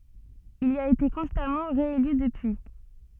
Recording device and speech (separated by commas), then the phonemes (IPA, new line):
soft in-ear microphone, read sentence
il i a ete kɔ̃stamɑ̃ ʁeely dəpyi